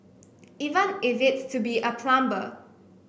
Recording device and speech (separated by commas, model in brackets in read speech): boundary microphone (BM630), read sentence